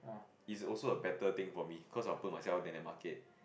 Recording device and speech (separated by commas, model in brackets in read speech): boundary microphone, conversation in the same room